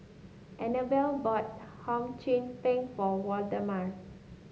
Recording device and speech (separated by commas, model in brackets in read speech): mobile phone (Samsung S8), read sentence